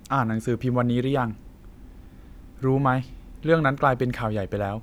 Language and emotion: Thai, neutral